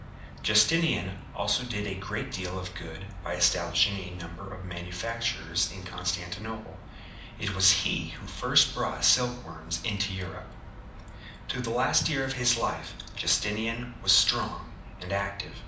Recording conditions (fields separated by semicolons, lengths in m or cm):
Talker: one person; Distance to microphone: 2.0 m; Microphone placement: close; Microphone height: 99 cm; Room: medium-sized (5.7 m by 4.0 m); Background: television